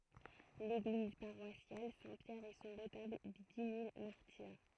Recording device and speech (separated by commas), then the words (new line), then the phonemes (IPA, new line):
throat microphone, read sentence
L'église paroissiale Saint-Pierre, et son retable des dix mille martyrs.
leɡliz paʁwasjal sɛ̃ pjɛʁ e sɔ̃ ʁətabl de di mil maʁtiʁ